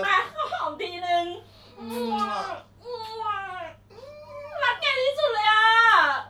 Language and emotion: Thai, happy